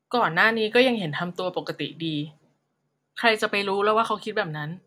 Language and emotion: Thai, neutral